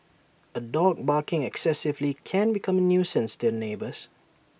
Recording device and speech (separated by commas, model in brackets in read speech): boundary microphone (BM630), read sentence